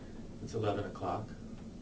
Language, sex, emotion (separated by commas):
English, male, neutral